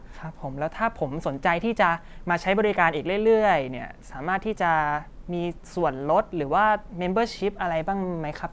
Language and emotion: Thai, neutral